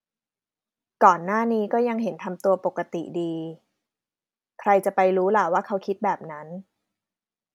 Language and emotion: Thai, neutral